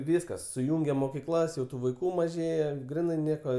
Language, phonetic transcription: Lithuanian, ˈvyskas suˈjūngė mokiˈklas jau ˈtų vaiˈkų maˈžėja ˈgrinai ˈnieko

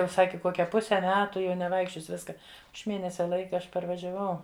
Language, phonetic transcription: Lithuanian, ˈjau ˈsaki ˈkokia ˈpuse ˈmetu jau neˈvaikščiosi ˈviska aš ˈmėnesia ˈlaika ˈaš parvažiaˈvau

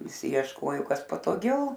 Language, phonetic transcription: Lithuanian, viˈsi iešˈkojo ˈkas patoˈgiau

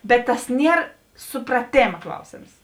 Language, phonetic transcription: Lithuanian, bet tas ˈnier supraˈtėma ˈklausėms

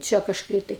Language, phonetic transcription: Lithuanian, ˈčia kažˈkai tai

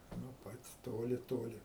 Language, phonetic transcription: Lithuanian, nuo ˈpat' ˈtoli ˈtoli

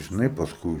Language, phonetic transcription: Lithuanian, žiˈnai pasˈkui

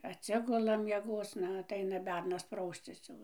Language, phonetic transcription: Lithuanian, atˈsigula mieˈgoc ˈna atˈaina ˈbernas ˈprauscis jau

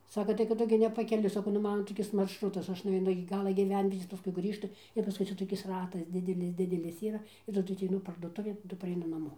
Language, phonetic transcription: Lithuanian, ˈsaka tai kad ˈtu gi nepakeˈliui saˈkau nuˈmana toˈkis maršˈrutas aš nuveiˈnu iki ˈgala gyˈvenvietės paˈskui ˈgrįžtu ir paˈskui ˈcia toˈkis ˈratas ˈdidelis ˈdidelis ˈyra ir taˈdu ateiˈnu parduoˈtuvėn taˈdu pareiˈnu naˈmo

